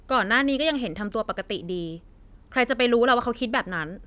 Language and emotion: Thai, frustrated